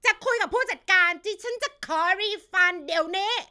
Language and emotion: Thai, angry